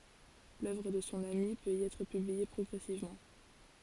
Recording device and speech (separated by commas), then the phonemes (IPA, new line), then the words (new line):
forehead accelerometer, read sentence
lœvʁ də sɔ̃ ami pøt i ɛtʁ pyblie pʁɔɡʁɛsivmɑ̃
L'œuvre de son ami peut y être publiée progressivement.